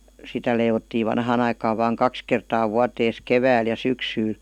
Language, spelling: Finnish, sitä leivottiin vanhaan aikaan vain kaksi kertaa vuoteensa keväällä ja syksyllä
- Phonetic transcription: 'sitä leivottii 'vanhaan ‿aikaav vaaŋ "kaks kertaa "vuatees "kevääl ja "syksyyl .

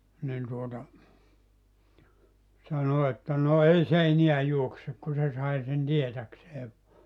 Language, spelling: Finnish, niin tuota sanoi että no ei se enää juokse kun se sai sen tietääkseen vain
- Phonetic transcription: nin tuota , 'sano että » no 'ei se 'eniä 'juoksek « ku se 'sai sen 'tietäksee (vua) .

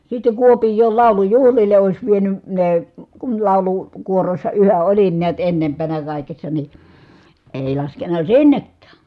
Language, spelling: Finnish, sitten Kuopioon laulujuhlille olisi vienyt ne kun - laulukuorossa yhä olin näet ennempänä kaikessa niin ei laskenut sinnekään
- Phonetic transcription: sitte Kuopij̆jool làu̬lujuhlile òis vieny , nee , kun làulu- , -kuorossa yhäʼ ʼolin niät ennempänä kàikessa ni , èi laskenna sinnekkää .

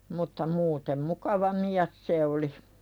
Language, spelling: Finnish, mutta muuten mukava mies se oli
- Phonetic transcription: mutta muutem "mukava miäs 'se oli .

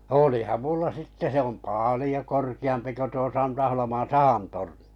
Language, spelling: Finnish, olihan minulla sitten se on paljon korkeampi kuin tuo Santaholman sahan torni
- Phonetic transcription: 'olìham "mulla 'sitte se om 'pàlĭjo 'korki₍ampi ko 'tuo 'Santaholoman̬ "sahan tornɪ .

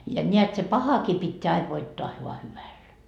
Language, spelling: Finnish, ja näet se pahakin pitää aina voittaa vain hyvällä
- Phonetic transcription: ja ńeät se "pahakii pitteä aiv 'voittoa voa 'hyvällä .

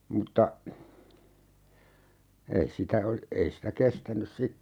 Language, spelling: Finnish, mutta ei sitä - ei sitä kestänyt sitten
- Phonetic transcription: 'mutta , 'ei sitä ol- , 'ei sitä 'kestänys "sitte .

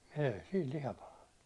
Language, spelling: Finnish, ei siinä liha palanut
- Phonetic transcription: 'èi 'siil "liha palannu .

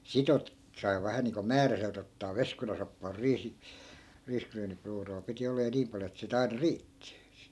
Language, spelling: Finnish, sitten - sai vähän niin kuin määräiseltä ottaa veskunasoppaa - riisiryynipuuroa piti olla ja niin paljon että sitä aina riitti
- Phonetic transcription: 'sit ‿ote- , sai̮ 'vähä niiŋko "määräselt ‿ottaa 'veskunasoppaa 'riisi- , 'riiskryynipruuroo piti 'olla ja 'niim paljo et si't ‿aina "riitti .

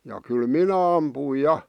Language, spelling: Finnish, ja kyllä minä ammuin ja
- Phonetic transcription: ja 'kyl "minä ampùⁱj "ja .

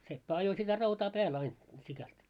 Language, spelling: Finnish, seppä ajoi sitä rautaa päälle aina sikälti
- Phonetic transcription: 'seppä 'ajo sitä 'rautaa "pääl 'ain , sikält .

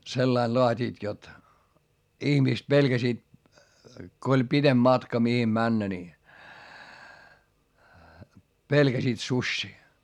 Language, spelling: Finnish, sillä lailla laativat jotta ihmiset pelkäsivät kun oli pitempi matka mihin mennä niin pelkäsivät susia
- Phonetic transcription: sellail loat́iit jot , ihmìst pelGäsiit , ko oĺ pitemB matka mihim männä ni , pelGäsiit suśśii .

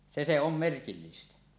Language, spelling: Finnish, se se on merkillistä
- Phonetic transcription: se se om merkillistä .

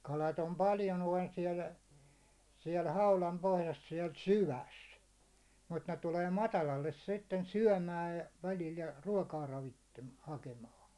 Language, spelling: Finnish, kalat on paljon noin siellä siellä haudan pohjassa siellä syvässä mutta ne tulee matalalle sitten syömään ja välillä ja ruokaa - hakemaan
- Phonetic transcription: kalat ‿om 'paljo noin siɛl , siɛl 'haulam 'pohjas siɛl "syväs , mut ne tulee 'matalalles sitten "syäₒmääj jᴀ , välil ja 'ruåkaa 'ravittem- , 'hakemaan̬ .

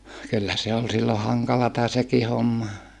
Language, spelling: Finnish, kyllä se oli silloin hankalaa sekin homma
- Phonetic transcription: kyllä se ol sillo haŋkalata seki homma .

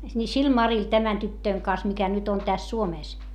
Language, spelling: Finnish, niin sillä Marilla tämän tytön kanssa mikä nyt nyt on tässä Suomessa
- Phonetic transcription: ni sil Maril tämän tyttöiŋ kaⁿs mikä nyt nyt ‿on täs Suomès .

